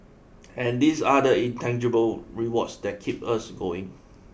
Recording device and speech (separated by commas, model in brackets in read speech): boundary microphone (BM630), read sentence